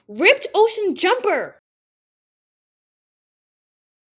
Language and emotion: English, surprised